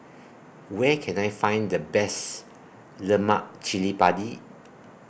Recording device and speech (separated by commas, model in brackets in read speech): boundary microphone (BM630), read sentence